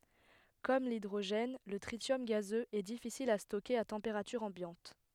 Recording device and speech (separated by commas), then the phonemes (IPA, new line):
headset microphone, read sentence
kɔm lidʁoʒɛn lə tʁisjɔm ɡazøz ɛ difisil a stokeʁ a tɑ̃peʁatyʁ ɑ̃bjɑ̃t